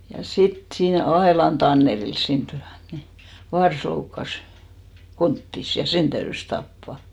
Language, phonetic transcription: Finnish, ja 'sit sii"n ‿Aelan 'Tannerils siint ty₍än ni , 'vars loukkas , 'konttis , ja "sen täyrys 'tappà .
- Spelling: ja sitten siinä Ailan Tannerilla siinä tykönä niin varsa loukkasi konttinsa ja sen täytyi tappaa

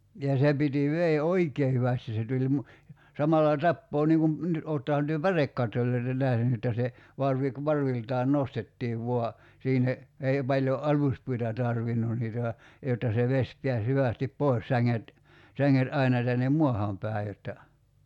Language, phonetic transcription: Finnish, ja 'se piti 'vee "oikee hyvästi se tuĺ mu- , 'samalla "tappoo niŋ kum , ni , 'oottahan työ "pärekkattol̀oi̬ta 'nähny että se , 'varvi ku- , 'varviltaan "nostettiiv 'vua , 'siinne , 'ei paĺjo "’aluspuita 'tarvinnun niitä (va) , jotta se 'veś piäs 'hyvä̀stip "poi̬s säŋŋet , 'säŋŋet 'aina tännem "muahàm 'pä̀i̬ jotta ,.
- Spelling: ja se piti veden oikein hyvästi se tuli - samalla tappaa niin kuin niin olettehan te pärekattoja nähnyt että se varvi - varviltaan nostettiin vain sinne ei paljon aluspuita tarvinnut niitä vaan jotta se vesi pääsi hyvästi pois sänget sänget aina tänne maahan päin jotta

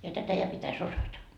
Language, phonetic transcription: Finnish, ja 'tätä ja pitä's ‿osata .
- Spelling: ja tätä ja pitäisi osata

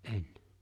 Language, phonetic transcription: Finnish, ''’en .
- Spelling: en

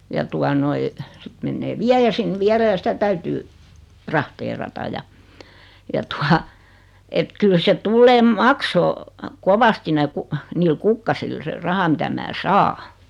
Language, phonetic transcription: Finnish, ja 'tua noi , 'sit mennee "viäjä sin 'viälä ja 'sitä täytyy , "trahteerata ja , 'ja tua , et 'kyl se 'tulleem "maksoo , "kovasti ne 'ku- , niil 'kukkasil se 'raha mitä 'mää "saa .
- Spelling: ja tuota noin sitten menee viejä sinne vielä ja sitä täytyy trahteerata ja ja tuota että kyllä se tulee maksaa kovasti ne - niillä kukkasilla se raha mitä minä saan

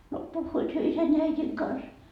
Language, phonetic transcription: Finnish, no 'puhhuit hyö 'isän ja 'äitiŋ kans .
- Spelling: no puhuivat he isän ja äidin kanssa

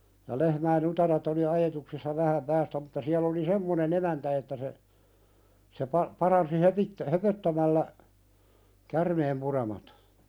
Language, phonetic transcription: Finnish, ja lehmäi"n ‿utaret ‿oli 'ajetuksissa 'vähäm päästä mutta siäl ‿oli "semmonen ‿emäntä että se , se pa- , paransi 'hopittä- , "höpöttämällä , 'kärmeem'puremat .
- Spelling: ja lehmien utareet oli ajetuksissa vähän päästä mutta siellä oli semmoinen emäntä että se se - paransi - höpöttämällä käärmeenpuremat

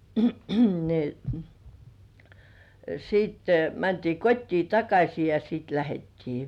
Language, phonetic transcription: Finnish, ni , 'siitte mäntii 'kot́tii "takaśi ja siit 'lähettii .
- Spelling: niin sitten mentiin kotiin takaisin ja sitten lähdettiin

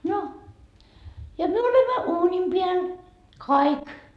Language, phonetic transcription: Finnish, no , ja 'myö olemma "uunim piäl , "kaik .
- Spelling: no ja me olemme uunin päällä kaikki

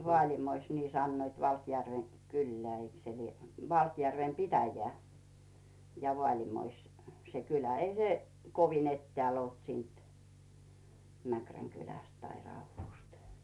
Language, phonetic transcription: Finnish, 'Vᵒaaĺimois , 'nii sannoit 'Valkjärve , "kyllᵉä̀ eik se lie , 'Valkjärvem "pitäjᵉä̀ , ja 'Vᵒaaĺimois , se 'kylä ei se , kovin ‿"ettääl olt 'siint , 'Mäkräŋ kyläst tai 'Rauvvùst .
- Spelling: Vaalimoissa niin sanoit Valkjärven kyllä eikö se lie Valkjärven pitäjä ja Vaalimois se kylä ei se kovin etäällä ollut siitä Mäkrän kylästä tai Raudusta

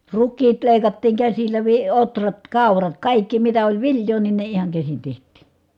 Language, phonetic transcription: Finnish, rukkiit lèikattiiŋ käsillä vi- , otrat , kàurat , kàikki mitä oĺ vilj̀oo nin ne ihaŋ käsin teht̀ii .
- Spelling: rukiit leikattiin käsillä - ohrat kaurat kaikki mitä oli viljaa niin ne ihan käsin tehtiin

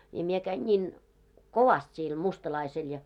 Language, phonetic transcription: Finnish, ja mie käin 'ńiin , "kovast siil 'mustalaisel ja .
- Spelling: ja minä kävin niin kovasti sille mustalaiselle ja

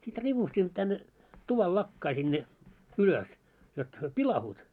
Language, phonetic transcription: Finnish, sit 'ripustimᵐᵒ tänne , 'tuval 'lakkai sinne , 'ylös , jot hyö "pilahuut .
- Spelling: sitten ripustimme tänne tuvan lakkaan sinne ylös jotta he pilaantuu

